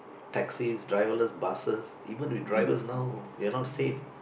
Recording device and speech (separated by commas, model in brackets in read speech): boundary microphone, conversation in the same room